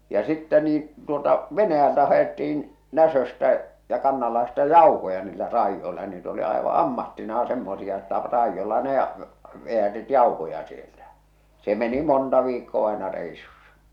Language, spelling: Finnish, ja sitten niin tuolta Venäjältä haettiin Näsöstä ja Kannanlahdesta jauhoja niillä raidoilla niitä oli aivan ammattinaan semmoisia että raidolla ne - vedättivät jauhoja sieltä se meni monta viikkoa aina reissussa
- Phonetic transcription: ja sittɛ niin̬ , tuolta 'Venäjältä haetti₍in , 'Näsöstä , ja 'Kannallahesta "jauhoja niillä "raijjoila , niit ‿oli aeva "ammattinaa semmosia että 'raijjolla ne a- , 've₍ätit "jauhoja sieltä , se meni 'monta 'viikkoo àḙna rèisussa .

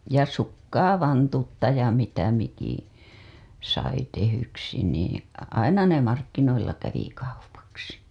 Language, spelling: Finnish, ja sukkaa vantutta ja mitä mikin sai tehdyksi niin aina ne markkinoilla kävi kaupaksi
- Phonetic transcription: ja "sukkaa 'vantutta ja mitä miki , sai tehyksi nii , "aina ne 'markkinoilla kävi kaupaksi .

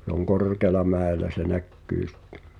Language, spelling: Finnish, se on korkealla mäellä se näkyy sitten
- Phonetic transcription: se ‿oŋ "korkeăla 'mä̀elä se "näkkyy sᴵttᴱ .

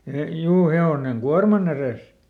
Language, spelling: Finnish, - juu hevonen kuorman edessä
- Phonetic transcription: e- , ˈjuu ˈhe₍oneŋ "kuarman ‿erès .

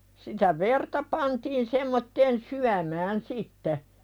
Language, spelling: Finnish, sitä verta pantiin semmoiseen syömään sitten
- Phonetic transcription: sitä 'verta pantiin semmotteen "syämään sitte .

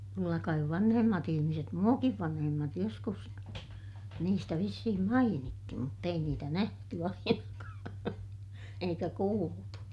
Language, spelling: Finnish, kyllä kai vanhemmat ihmiset minuakin vanhemmat joskus niistä vissiin mainitsi mutta ei niitä nähty ainakaan eikä kuultu
- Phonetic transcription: kyllä kaiv vanhemmat ‿ihimiset - muakiv vanhemmat joskus , niistä vissihim mainitti mutt ‿ei niitä nähty ainakaa , eikä kuultu .

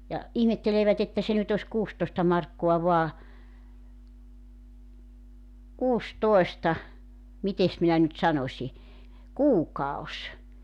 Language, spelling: Finnish, ja ihmettelevät että se nyt olisi kuusitoista markkaa vain - mitenkäs minä nyt sanoisin kuukausi
- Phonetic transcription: ja , 'ihmetteleevät ‿että se nyt ‿os 'kuustoⁱsta markkoa voa , 'kuus"toesta , 'mites minä nyt 'sanośi , "kuukaos .

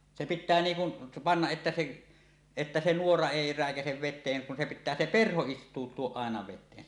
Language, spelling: Finnish, se pitää niin kuin panna että se että se nuora ei räikäise veteen kun se pitää se perho istuttaa aina veteen
- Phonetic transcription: 'se "pit̆tää 'niiŋ kun , pannaˀ ˀettä se’ , että se 'nuora "èi 'rä̀ekäsev 'vet̆teeŋ kun se pit̆tää 'se "perho "ist̀uut̆tuoˀ 'ˀàena 'vet̆tee .

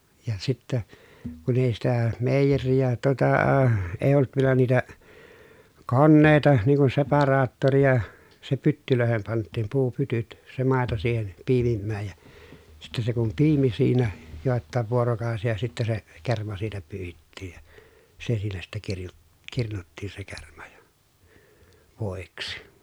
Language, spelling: Finnish, ja sitten kun ei sitä meijeriä tuota ei ollut vielä niitä koneita niin kuin separaattoria se pyttyihin pantiin puupytyt se maito siihen piimimään ja sitten se kun piimi siinä jotakin vuorokausia sitten se kerma siitä pyyhittiin ja se siinä sitten - kirnuttiin se kerma ja voiksi
- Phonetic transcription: ja sittä , kun ‿èi sitä , mèijerijä tᵘotaa , èi̮ olt vielä niitä , konnèi̮ta niiŋ kun separaattorija , se pyttylö̀ehem pant̆tiim puupytyt , se màeto siihen , piimimmääj ja , sitte se kum piimi siinä , jòettàev vuorokàosija sittä se , kerma siitä pyyhittiij ja , se siinä sitte kirju- , kirnuttiin se kerma jA , vòiksi .

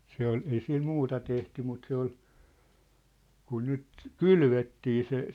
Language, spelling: Finnish, se oli ei sillä muuta tehty mutta se oli kun nyt kylvettiin se
- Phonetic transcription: 'se ‿ol , 'ei 'sil 'muuta tehty mut 'se ‿ol , 'kun 'nyt , "kylvettii se .

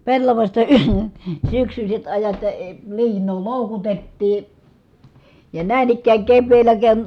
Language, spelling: Finnish, pellavasta - syksyiset ajat ja - liinaa loukutettiin ja näin ikään keväällä ken
- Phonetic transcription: pellavasta əə- , syksyśet ajat ja , əə , liin̆noo lòukutettii , ja nä̀in ‿ikkääŋ kevveellä ken ,.

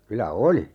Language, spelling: Finnish, kyllä oli
- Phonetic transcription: 'kylä "oli .

